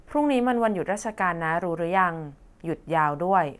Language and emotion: Thai, neutral